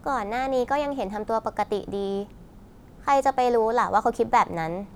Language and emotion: Thai, neutral